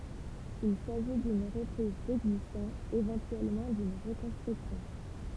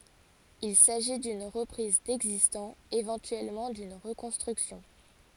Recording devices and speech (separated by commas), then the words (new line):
temple vibration pickup, forehead accelerometer, read sentence
Il s’agit d’une reprise d’existant, éventuellement d’une reconstruction.